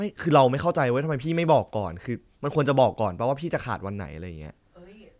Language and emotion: Thai, frustrated